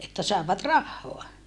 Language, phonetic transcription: Finnish, että sàevat rahhoa .
- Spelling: että saivat rahaa

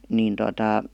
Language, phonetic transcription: Finnish, niin tota ,.
- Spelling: niin tuota

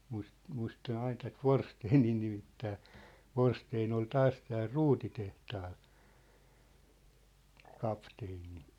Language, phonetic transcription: Finnish, 'muis- , 'muista'n ‿ain tät "Vorsteenii 'nimittää , "Vorsteen ‿ol "taas tääl "ruutitehtaal , 'kapteeni .
- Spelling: - muistan aina tätä Forsténia nimittää Forstén oli taas täällä ruutitehtaalla kapteeni

